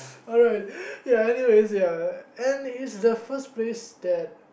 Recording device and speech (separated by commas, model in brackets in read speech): boundary microphone, conversation in the same room